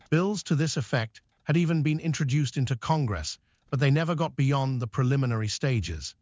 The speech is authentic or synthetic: synthetic